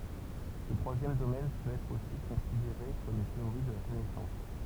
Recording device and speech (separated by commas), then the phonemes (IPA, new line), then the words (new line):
temple vibration pickup, read sentence
sə tʁwazjɛm domɛn pøt ɛtʁ osi kɔ̃sideʁe kɔm yn teoʁi də la kɔnɛsɑ̃s
Ce troisième domaine peut être aussi considéré comme une théorie de la connaissance.